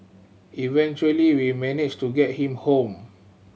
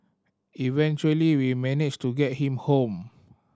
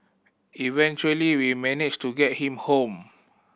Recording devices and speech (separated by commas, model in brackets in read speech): mobile phone (Samsung C7100), standing microphone (AKG C214), boundary microphone (BM630), read sentence